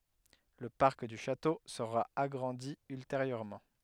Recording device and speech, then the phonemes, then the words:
headset microphone, read sentence
lə paʁk dy ʃato səʁa aɡʁɑ̃di ylteʁjøʁmɑ̃
Le parc du château sera agrandi ultérieurement.

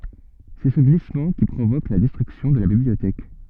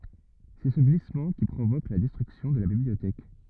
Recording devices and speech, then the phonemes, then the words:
soft in-ear microphone, rigid in-ear microphone, read sentence
sɛ sə ɡlismɑ̃ ki pʁovok la dɛstʁyksjɔ̃ də la bibliotɛk
C'est ce glissement qui provoque la destruction de la bibliothèque.

